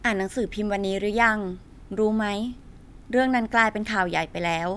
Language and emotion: Thai, neutral